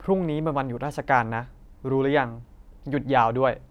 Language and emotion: Thai, frustrated